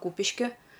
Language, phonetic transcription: Lithuanian, ˈkūpiški

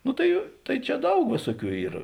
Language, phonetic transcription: Lithuanian, ˈnu tai ˈtai ˈčia ˈdaug ˈvėsuoˌkių ˈyr

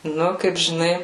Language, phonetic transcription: Lithuanian, ˈnu kaip žiˈnai

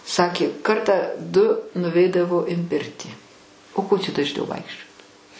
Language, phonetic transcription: Lithuanian, ˈsakė ˈkartą du nuˈveidavo in ˈpirtį o ko čia dažˈniau ˈvaikščiot

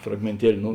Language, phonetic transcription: Lithuanian, fragmėnˈtieli ˈnu

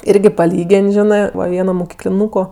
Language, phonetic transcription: Lithuanian, ˈirgi paˈlygėn' ˈžinɜ ˈva ˈvieno mokikliˈnūko

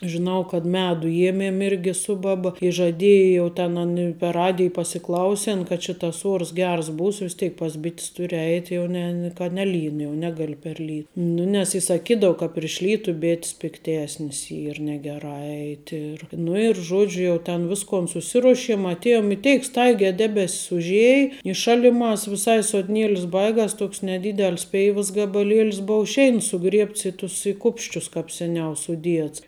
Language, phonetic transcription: Lithuanian, žiˈnau kad ˈmedu ˈjiemiem irgi ˈsu baˌba i žaˈdieji jau ten ˈani per ˈradij pasiˈklausin kad či ˈtas ˈuors ˈgers ˈbūs vis ˈteik pas ˈbit's ˈturi ˈeit' ˈjau ˈne ni ka ˈneˌlyn jau ˈnegali per ˈly ˈnu nes i saˈkydau ka priš ˈlytu ˈbėt's pikˈtesnis ˈyr negeˈrā ˈeiti ir nu ir ˈžuodžiu jau ten ˈviskon suˈsiruošim atˈėjom i ˈteik ˈstaigē ˈdebes's užˈiej i ˈšaliˌmās viˈsai sodˈnielis ˈbaigas ˈtoks neˈdydel's ˈpeivas gabaˈliel's ˈbou ˈšeins suˈgriebts i ˈtus i ˈkupsčius kap seˈniau suˈdiets

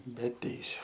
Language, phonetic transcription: Lithuanian, be ˈteisiu

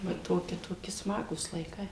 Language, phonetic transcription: Lithuanian, va ˈtoki toˈki ˈsmagūs laiˈkai

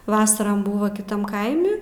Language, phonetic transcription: Lithuanian, ˈvasaram ˈbuva kiˈtam ˈkaimi

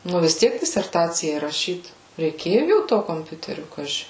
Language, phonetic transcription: Lithuanian, nu vis ˈtiek diserˈtacijai raˈšyt reiˈkėju jau ˈto komˈpiuteriu ˈkaži

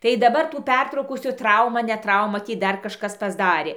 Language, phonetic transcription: Lithuanian, tai daˈbar tų ˈpertraukų su ˈtrauma ˈne ˈtrauma ˈtį ˈdar kažˈkas pasˈdarė

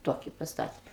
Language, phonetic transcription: Lithuanian, ˈtoki pasˈtate

